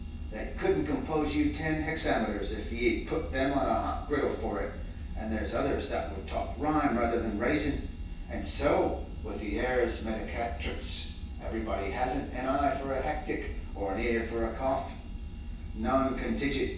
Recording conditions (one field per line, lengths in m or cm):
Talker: one person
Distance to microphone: 9.8 m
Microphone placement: far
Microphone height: 1.8 m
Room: large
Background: none